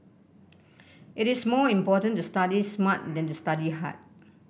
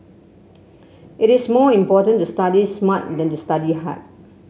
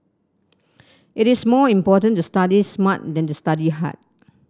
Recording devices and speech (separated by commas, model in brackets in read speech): boundary microphone (BM630), mobile phone (Samsung C7), standing microphone (AKG C214), read sentence